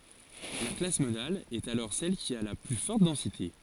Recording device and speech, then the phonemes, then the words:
forehead accelerometer, read sentence
la klas modal ɛt alɔʁ sɛl ki a la ply fɔʁt dɑ̃site
La classe modale est alors celle qui a la plus forte densité.

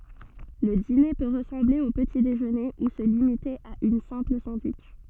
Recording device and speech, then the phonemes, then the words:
soft in-ear microphone, read sentence
lə dine pø ʁəsɑ̃ble o pəti deʒøne u sə limite a yn sɛ̃pl sɑ̃dwitʃ
Le dîner peut ressembler au petit-déjeuner ou se limiter à une simple sandwich.

